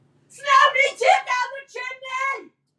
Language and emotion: English, surprised